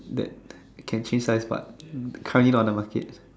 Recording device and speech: standing microphone, conversation in separate rooms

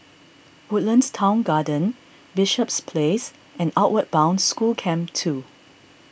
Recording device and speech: boundary microphone (BM630), read sentence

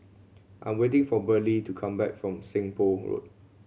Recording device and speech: mobile phone (Samsung C7100), read sentence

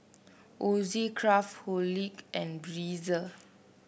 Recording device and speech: boundary microphone (BM630), read sentence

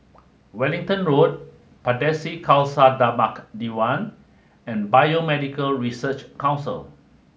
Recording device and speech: mobile phone (Samsung S8), read sentence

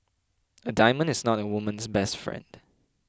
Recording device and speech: close-talking microphone (WH20), read sentence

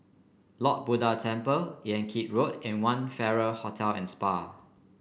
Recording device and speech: boundary microphone (BM630), read sentence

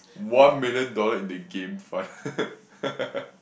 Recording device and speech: boundary microphone, conversation in the same room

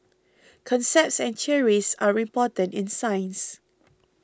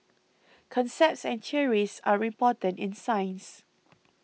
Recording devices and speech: close-talking microphone (WH20), mobile phone (iPhone 6), read sentence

